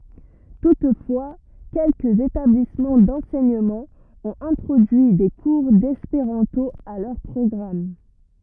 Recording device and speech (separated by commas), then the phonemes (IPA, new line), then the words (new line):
rigid in-ear microphone, read sentence
tutfwa kɛlkəz etablismɑ̃ dɑ̃sɛɲəmɑ̃ ɔ̃t ɛ̃tʁodyi de kuʁ dɛspeʁɑ̃to a lœʁ pʁɔɡʁam
Toutefois quelques établissements d'enseignement ont introduit des cours d'espéranto à leur programme.